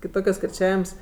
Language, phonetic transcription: Lithuanian, kiˈtokios kirˈčiavims

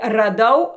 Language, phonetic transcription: Lithuanian, raˈdau

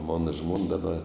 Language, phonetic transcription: Lithuanian, ˈmona ˈžmon daˈba

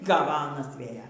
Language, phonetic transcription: Lithuanian, ˈgava ˈanas ˈvėja

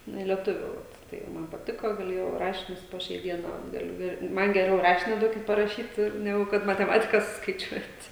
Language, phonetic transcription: Lithuanian, nu i lieˈtuvių vat ˈtai ˈman paˈtiko gaˈlėjau ˈrašinius po ˈšiai ˈdiena ˈgaliu ˈir ˈman geˈriau ˈrašini ˈduokit paraˈšyt ˈnegu kad mateˈmatika suskaiˈčiuot'

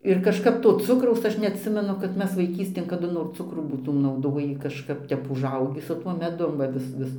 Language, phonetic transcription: Lithuanian, ir kažˈkap ˈto ˈcukraus ˈaš neatˈsimenu kad ˈmes vaiˈkystėn kaˈdu nor ˈcukrų būˈtūm nauˈdojį kažˈkap ˈtep užˈaugį su ˈtuo meˈdum va ˈvis ˈvis

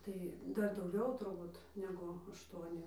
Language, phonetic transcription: Lithuanian, tai ˈdar dauˈgiau turˈbūt ˈnegu ašˈtuoni

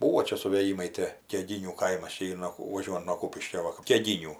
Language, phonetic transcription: Lithuanian, ˈbūvo ˈčia suvėˈjymai ˈtė keˈginių ˈkaimas ˈčia ˈyr no vaˈžiuojunt nuo ˈkūpiškio ˈva kap keˈginių

